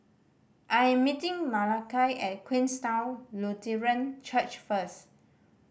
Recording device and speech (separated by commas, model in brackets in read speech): boundary microphone (BM630), read sentence